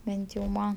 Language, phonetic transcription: Lithuanian, ˈbent jau ˈman

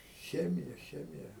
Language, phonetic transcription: Lithuanian, ˈchemija ˈchemija

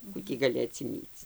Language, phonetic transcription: Lithuanian, ˈkų tį gaˈli atsiˈmyc

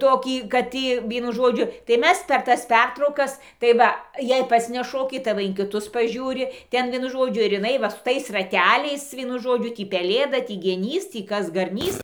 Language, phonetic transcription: Lithuanian, ˈtokį kad ˈtį ˈvienu ˈžodžiu tai ˈmes per ˈtas ˈpertraukas tai ˈva jei ˈpats neˈšoki tai ˈva in kiˈtus paˈžiūri ˈten ˈvienu ˈžodžiu ir iˈnai va su ˈtais raˈteliais ˈvienu ˈžodžiu ˈtį peˈlėda ˈtį geˈnys ˈtį ˈkas garˈnys

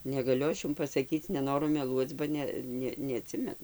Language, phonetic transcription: Lithuanian, negaˈliu ˈaš ˈjum pasaˈkyc neˈnoru meˈluoc ba ˈne ˈne neaˈtsimenu

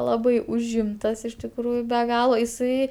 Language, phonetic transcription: Lithuanian, ˈlabai užˈimtas iš tikˈrųju be ˈgalo iˈsai

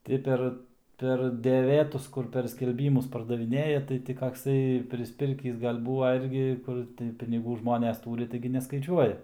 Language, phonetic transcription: Lithuanian, ˈti per per deˈvėtus ˈkur per skelˈbymus pardaviˈnėja tai ˈti kakˈsai prisˈpirkįs ˈgal' ˈbūva ˈirgi ˈkur tai piniˈgų ˈžmones ˈtūri ˈtaigi neskaiˈčiuoja

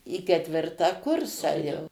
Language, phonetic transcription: Lithuanian, į ketˈvirtą ˈkursą jau

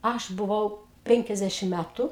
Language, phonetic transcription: Lithuanian, ˈaš buˈvau ˈpenkiasdešim ˈmætu

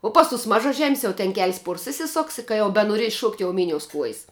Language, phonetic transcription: Lithuanian, o ˈpas ˌtus mažaˈžem's' jau ten ke'ls' ˈpuors isiˈsoks i ka ˈjau benoˈries ˈšuokt' jau ˈminious ˈkuojs

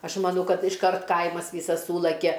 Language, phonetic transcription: Lithuanian, ˈaš maˈnau ˈkad išˈkart ˈkaimas ˈvysas ˈsūlakia

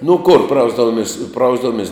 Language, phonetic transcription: Lithuanian, nu kur ˈprausdavumis ˈprausdavumies

